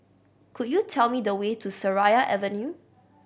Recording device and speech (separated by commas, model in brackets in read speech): boundary microphone (BM630), read sentence